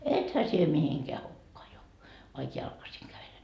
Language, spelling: Finnish, ethän sinä mihinkään hukkaan jouda vaikka jalkaisin kävelet
- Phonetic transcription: "ethä sie 'mihiŋkeä 'hukkaa jouva , vaik 'jalkasiŋ kävele » .

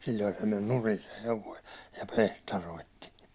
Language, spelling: Finnish, silloin se meni nurin se hevonen ja piehtaroitsi
- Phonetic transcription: 'sil̜l̜oi se men "nurin se 'hevoi , ja "pehtaroitti .

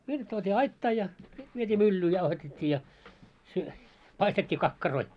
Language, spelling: Finnish, viljat tuotiin aittaan ja sitten vietiin myllyyn jauhatettiin ja - paistettiin kakkaroita
- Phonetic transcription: 'viljat tuot́ii "aittaa ja , 'sit viet́ii "myllyy 'jauhatet́t́ii ja , sy- , 'paistet́t́ii 'kakkaroi .

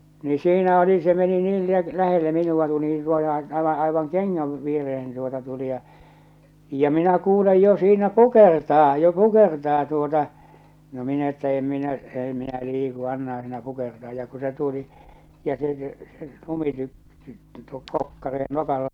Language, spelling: Finnish, niin siinä oli se meni niin - lähelle minua tuli niin suoraan aivan aivan kengän viereen tuota tuli ja ja minä kuulen jo siinä kukertaa jo kukertaa tuota no minä että en minä ei minä liiku annahan siinä kukertaa ja kun se tuli ja se se - tuo kokkare nokalla
- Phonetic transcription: ni 'siinä oli se meni 'niin li- 'lähelle 'minuʷa 'tuli ni (suoraan) 'aiva '’aivaŋ "keŋŋäv viereh̬en tuota tuli ja , ja minä kuulej jo siinä "kukertaa jo "kukertaa tuota , no 'min ‿että 'em 'minä 'ei 'minä liiku 'annahaa̰ siinä 'kukertaa ja ku se tuli , ja se , se , 'lumityp- , tuo 'kokkare nokalla -- .

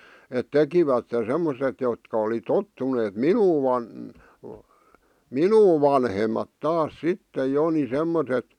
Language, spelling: Finnish, että tekivät semmoiset jotka oli tottuneet minua - minua vanhemmat taas sitten jo niin semmoiset
- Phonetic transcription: et "tekivätte 'semmoset jotka oli 'tottuneet "minuu van- , "minuu 'vanhemat "taas 'sittej jo ni 'semmotet ,.

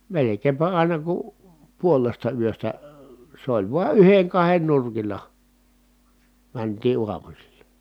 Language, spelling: Finnish, melkeinpä aina kun puolesta yöstä se oli vain yhden kahden nurkilla mentiin aamusilla
- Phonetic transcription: melekeempä àina ku , puolesta yöstä , se ‿oĺ vua yheŋ kahen nurkil̀a , mäntii uamusilla .

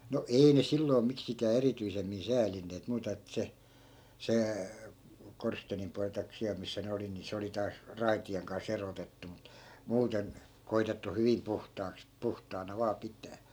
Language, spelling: Finnish, no ei ne silloin miksikään erityisemmin säälineet muuta että se se korsteenin puoli tai siellä missä ne oli niin se oli taas raitien kanssa erotettu mutta muuten koetettu hyvin puhtaaksi puhtaana vain pitää
- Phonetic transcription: no "ei ne 'silloi̮ miksikää 'erityisemmin 'säälinneet muuta 'ettᵃ̈ se , se , 'korsteenim pualⁱ taik 'siäl missä ne oli ni 'se oli taas , "raiti₍eŋ kan's ‿erotettu mut , 'muuten , 'koitettu "hyvim 'puhtaaks , 'puhtaana 'vaa 'pit̀ää .

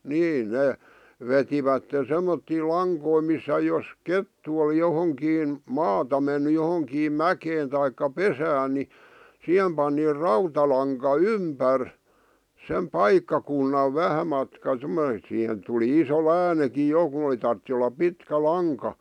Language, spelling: Finnish, niin ne vetivät semmoisia lankoja missä jos kettu oli johonkin maata mennyt johonkin mäkeen tai pesään niin siihen pani rautalanka ympäri sen paikkakunnan vähän matka semmoinen että siihen tuli iso läänikin jo kun oli tarvitsi olla pitkä lanka
- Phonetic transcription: nii , 'nè , 'vetivätten̬ semmottii "laŋkoi missä 'jos , "kettu oli johoŋkiin , "maata menny 'johoŋkiim "mäkeen taikka "pesään ni , "sihem pani "rautalaŋka "ympär , sem "paikkakunnav 'vähä matka (semmonen ‿et) sihen tuli iso 'lään(iki) 'jo ku ᵒli tartti ollap "pitkä "laŋka .

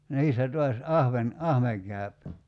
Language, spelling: Finnish, niissä taas ahven ahven käy
- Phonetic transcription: 'niissä tuas , "ahven , 'ahveŋ kä̀y̬p .

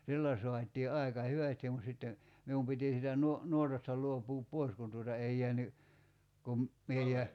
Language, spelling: Finnish, sillä saatiin aika hyvästi mutta sitten minun piti siitä - nuotasta luopua pois kun tuota ei jäänyt kuin minä -
- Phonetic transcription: "sillä 'soat̆ii 'ài̬ka "hyvästim mut sitten̬ , 'mium piti siitä 'nuo- , 'nuotasta 'luop̀uup "poi̬s kun tuota 'ei jeäny , kum , 'mie jä- ,.

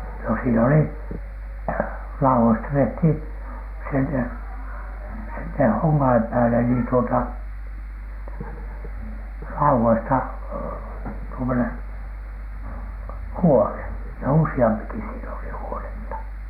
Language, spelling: Finnish, no siinä oli laudoista tehtiin sinne sitten honkien päälle niin tuota laudoista tuommoinen huone ja useampikin siinä oli huonetta
- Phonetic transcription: no sii'n ‿oli , "lauwoista tehthìn , sinne , sitte 'hoŋŋ̳ain 'pääle niin tuota , 'lauwoista tuomoneN , "huone , ja "usi₍ampiki siin ‿oli huonettA .

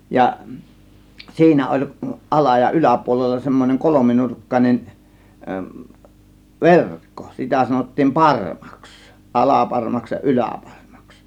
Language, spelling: Finnish, ja siinä oli ala ja yläpuolella semmoinen kolminurkkainen verkko sitä sanottiin parmaksi alaparmaksi ja yläparmaksi
- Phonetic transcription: ja , 'siinä oĺ 'ˀala- ja 'yläpuolella semmoneŋ "kolominurkkan͕en , "verkkO , 'sitä sanottiim "parmAks , "ˀalaparmaks ja "ˀylä̀parmAks .

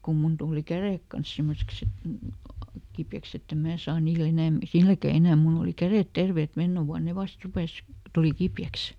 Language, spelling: Finnish, kun minun tuli kädet kanssa semmoiseksi että kipeäksi että en minä saa niillä - silläkään enää minulla oli kädet terveet menneenä vuonna ne vasta rupesi tuli kipeäksi
- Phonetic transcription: kum ˈmun tuuli "kärèk kans ˈsimmoseks ‿et , ˈkipjäks ‿ettem "mää saa niiˈl ‿enä̀m- , ˈsilläkä ˈenä̀ ˈmull ‿oli "kärèt ˈterveet "mennä vuan ne ˈvast rupes , ˈtuli ˈkipjäks .

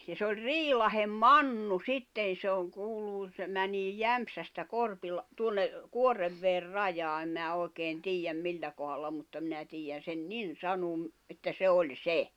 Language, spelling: Finnish, ja se oli Riilahden Mannu sitten se on kuuluu se menee Jämsästä - tuonne Kuoreveden rajaa en minä oikein tiedä millä kohdalla mutta minä tiedän sen niin sanoa että se oli se
- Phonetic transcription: ja s ‿oĺ "Riilahem "Mannu "sitten̬ se oŋ 'kuuluu , se 'mänii "Jämpsästä 'Korpilᵃ- , 'tuonne , "Kuorrevveer "rajaa 'em mⁱⁿä 'òi̬keen "tiijjäm 'millä kohalla mutta minä tiijän sen "nin 'sanuum , että 'se 'oĺ "se .

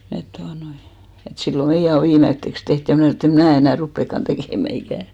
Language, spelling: Finnish, että tuota noin että silloin meidän on viimeiseksi tehty ja minä sanoin että en minä enää rupeakaan tekemään ikinä
- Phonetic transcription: et 'tuanoi , et 'sillo "meijä o 'viimetteks teht , ja 'mnä̀ snò et ‿em 'mnä̀ enä̀ "ruppekkan tekèmä 'ikä̀ .

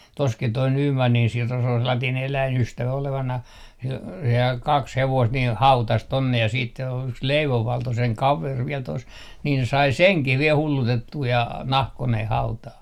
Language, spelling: Finnish, tuossakin tuo Nymanin Siro se oli sellainen eläinystävä olevinaan sillä sehän kaksi hevosta niin hautasi tuonne ja sitten se on yksi Leivon Valto sen kaveri vielä tuossa niin se sai senkin vielä hullutettua ja nahkoineen hautaan
- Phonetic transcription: toskit̆ toi "Nyymannin 'Siro se ol 'sellatiin "eläin₍ystävä olevanah , sil , sehääŋ 'kaks 'hevoist nii "hautas 'tonne ja siit se o , yks "Leivov 'Valto seŋ "kaver viɛl tos , niin se 'sai "seŋkih viel 'hullutettuu ja , "nahkoneh 'hautaah .

